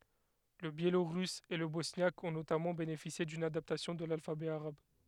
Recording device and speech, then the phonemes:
headset microphone, read sentence
lə bjeloʁys e lə bɔsnjak ɔ̃ notamɑ̃ benefisje dyn adaptasjɔ̃ də lalfabɛ aʁab

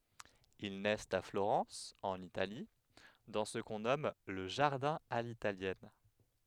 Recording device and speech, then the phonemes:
headset microphone, read sentence
il nɛst a floʁɑ̃s ɑ̃n itali dɑ̃ sə kɔ̃ nɔm lə ʒaʁdɛ̃ a litaljɛn

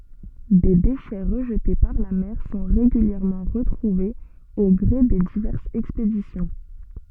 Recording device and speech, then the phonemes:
soft in-ear microphone, read sentence
de deʃɛ ʁəʒte paʁ la mɛʁ sɔ̃ ʁeɡyljɛʁmɑ̃ ʁətʁuvez o ɡʁe de divɛʁsz ɛkspedisjɔ̃

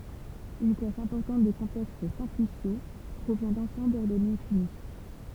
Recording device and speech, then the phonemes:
temple vibration pickup, read sentence
yn klas ɛ̃pɔʁtɑ̃t də kɔ̃plɛks sɛ̃plisjo pʁovjɛ̃ dɑ̃sɑ̃blz ɔʁdɔne fini

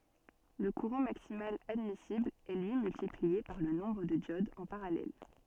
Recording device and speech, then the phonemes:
soft in-ear microphone, read sentence
lə kuʁɑ̃ maksimal admisibl ɛ lyi myltiplie paʁ lə nɔ̃bʁ də djodz ɑ̃ paʁalɛl

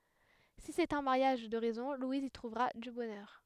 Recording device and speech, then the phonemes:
headset microphone, read sentence
si sɛt œ̃ maʁjaʒ də ʁɛzɔ̃ lwiz i tʁuvʁa dy bɔnœʁ

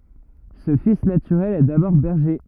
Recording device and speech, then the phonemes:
rigid in-ear microphone, read sentence
sə fis natyʁɛl ɛ dabɔʁ bɛʁʒe

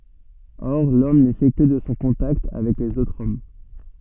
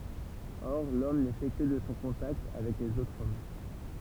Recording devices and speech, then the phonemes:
soft in-ear microphone, temple vibration pickup, read sentence
ɔʁ lɔm nɛ fɛ kə də sɔ̃ kɔ̃takt avɛk lez otʁz ɔm

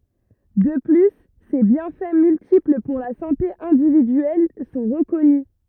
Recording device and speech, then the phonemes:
rigid in-ear microphone, read sentence
də ply se bjɛ̃fɛ myltipl puʁ la sɑ̃te ɛ̃dividyɛl sɔ̃ ʁəkɔny

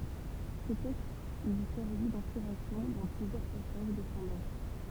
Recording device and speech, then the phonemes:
temple vibration pickup, read sentence
sə tɛkst lyi sɛʁvi dɛ̃spiʁasjɔ̃ dɑ̃ plyzjœʁ pasaʒ də sɔ̃ œvʁ

